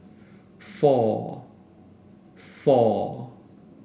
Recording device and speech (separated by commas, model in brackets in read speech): boundary microphone (BM630), read sentence